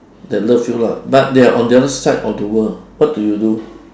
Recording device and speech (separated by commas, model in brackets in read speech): standing microphone, conversation in separate rooms